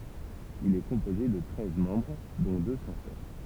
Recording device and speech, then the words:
temple vibration pickup, read sentence
Il est composé de treize membres dont deux censeurs.

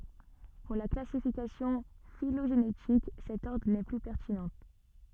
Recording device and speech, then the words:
soft in-ear microphone, read sentence
Pour la classification phylogénétique, cet ordre n'est plus pertinent.

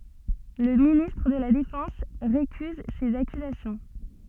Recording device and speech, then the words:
soft in-ear microphone, read sentence
Le ministre de la Défense récuse ces accusations.

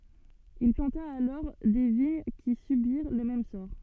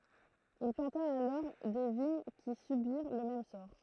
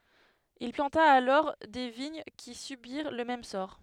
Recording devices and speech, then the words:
soft in-ear microphone, throat microphone, headset microphone, read sentence
Il planta alors des vignes qui subirent le même sort.

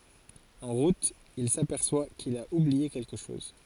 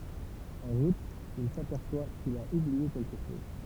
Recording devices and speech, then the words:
forehead accelerometer, temple vibration pickup, read sentence
En route, il s'aperçoit qu'il a oublié quelque chose.

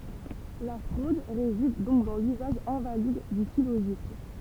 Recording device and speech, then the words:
temple vibration pickup, read sentence
La fraude réside donc dans l'usage invalide du syllogisme.

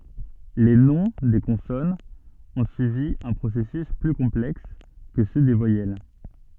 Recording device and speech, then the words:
soft in-ear microphone, read sentence
Les noms des consonnes ont suivi un processus plus complexe que ceux des voyelles.

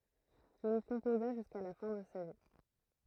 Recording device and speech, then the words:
throat microphone, read sentence
Il y composa jusqu’à la fin de sa vie.

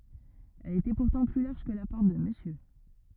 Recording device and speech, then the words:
rigid in-ear microphone, read sentence
Elle était pourtant plus large que la Porte de Monsieur...

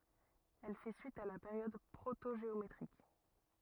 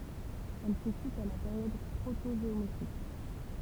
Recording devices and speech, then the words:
rigid in-ear microphone, temple vibration pickup, read sentence
Elle fait suite à la période protogéométrique.

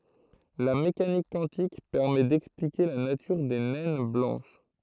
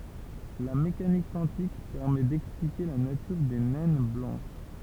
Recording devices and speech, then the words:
throat microphone, temple vibration pickup, read sentence
La mécanique quantique permet d’expliquer la nature des naines blanches.

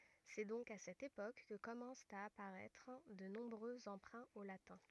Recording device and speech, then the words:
rigid in-ear microphone, read sentence
C'est donc à cette époque que commencent à apparaître de nombreux emprunts au latin.

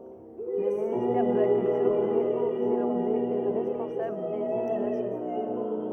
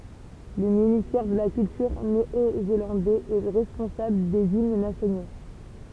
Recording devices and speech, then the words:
rigid in-ear microphone, temple vibration pickup, read sentence
Le ministère de la culture néo-zélandais est responsable des hymnes nationaux.

